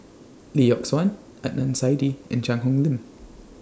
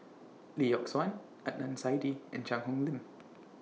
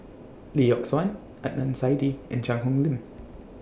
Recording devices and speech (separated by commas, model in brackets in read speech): standing microphone (AKG C214), mobile phone (iPhone 6), boundary microphone (BM630), read sentence